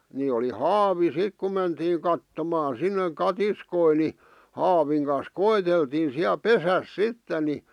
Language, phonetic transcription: Finnish, ni oli "haavi 'sik ku mentiiŋ kattomaan̬ 'sinneŋ "katiskoi ni , 'haaviŋ kan̬s "ko₍eteltiin̬ siä "pesäs "sitten̆ ni ,.
- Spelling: niin oli haavi sitten kun mentiin kattomaan sinne katiskoja niin haavin kanssa koeteltiin siellä pesässä sitten niin

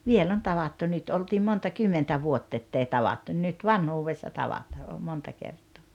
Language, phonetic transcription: Finnish, 'viel ‿on 'tavattu 'nyt oltiim 'monta "kymmentä 'vuott ‿ettei "tavattu ⁿⁱⁿ 'nyt "vanhuuvessa 'tavataa o 'monta 'kert̀oo .
- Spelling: vielä on tavattu nyt oltiin monta kymmentä vuotta että ei tavattu niin nyt vanhuudessa tavataan - monta kertaa

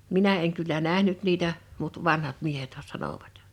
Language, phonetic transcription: Finnish, minä eŋ kyllä 'nähnyt niitä , mut 'vanhat 'miehethä 'sanòvat .
- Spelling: minä en kyllä nähnyt niitä mutta vanhat miehethän sanoivat

